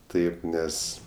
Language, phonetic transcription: Lithuanian, ˈtaip ˈnes

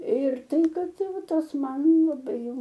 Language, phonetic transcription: Lithuanian, ir ˈtai ˈkad ˈtai ˈva ˈtas ˈman laˈbai jau

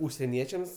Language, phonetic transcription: Lithuanian, užseˈniečiams

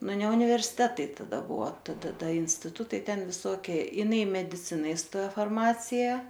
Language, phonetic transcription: Lithuanian, ˈnu ne universiˈtetai taˈda ˈbuvo tada ˈda instiˈtutai ˈten viˈsokie jiˈnai i mediˈcina iˈstojo farˈmacija

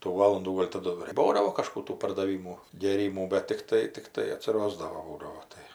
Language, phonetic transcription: Lithuanian, tų ˈvalundų ˈgol' taˈdu ir ˈbūdavo kaˈžkų ˈtų pardaˈvymų gėˈrymų bet tikˈtai tikˈtai atsiˈrosdavo ˈbūdavo ˈtai

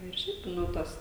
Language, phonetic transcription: Lithuanian, ir ˈšiaip ˈnu ˈtas

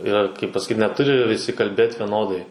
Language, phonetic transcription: Lithuanian, ˈir kaip pasaˈkyt neˈturi viˈsi kalˈbėt veˈnodai

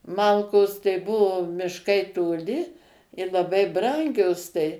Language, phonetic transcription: Lithuanian, ˈmalkos tai ˈbuvo mišˈkai toˈli ir laˈbai ˈbrangios tai

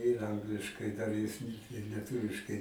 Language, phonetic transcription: Lithuanian, tai ir ˈangliškai ˈdar jis ir lieˈtuviškai

